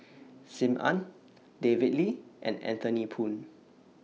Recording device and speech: mobile phone (iPhone 6), read sentence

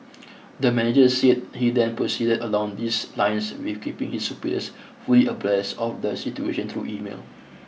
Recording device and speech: mobile phone (iPhone 6), read sentence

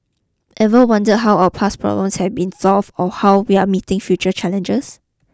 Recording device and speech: close-talking microphone (WH20), read sentence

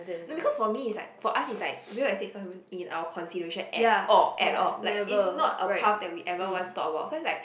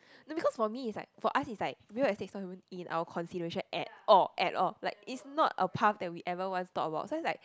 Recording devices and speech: boundary microphone, close-talking microphone, conversation in the same room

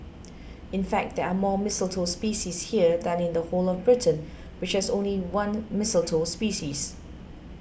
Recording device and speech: boundary microphone (BM630), read sentence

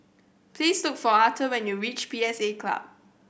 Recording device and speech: boundary microphone (BM630), read sentence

